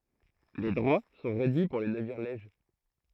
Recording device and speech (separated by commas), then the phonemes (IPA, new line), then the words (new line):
throat microphone, read sentence
le dʁwa sɔ̃ ʁedyi puʁ le naviʁ lɛʒ
Les droits sont réduits pour les navires lèges.